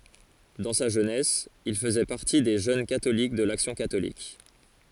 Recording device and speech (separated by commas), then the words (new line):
forehead accelerometer, read sentence
Dans sa jeunesse, il faisait partie des jeunes catholiques de l'action catholique.